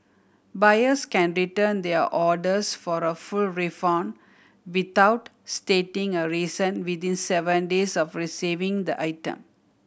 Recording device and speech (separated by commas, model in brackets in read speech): boundary microphone (BM630), read sentence